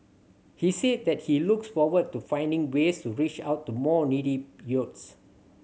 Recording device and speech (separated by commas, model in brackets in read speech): mobile phone (Samsung C7100), read sentence